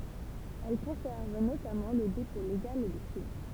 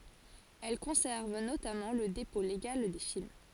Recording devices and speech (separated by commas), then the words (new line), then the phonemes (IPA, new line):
temple vibration pickup, forehead accelerometer, read sentence
Elle conserve notamment le dépôt légal des films.
ɛl kɔ̃sɛʁv notamɑ̃ lə depɔ̃ leɡal de film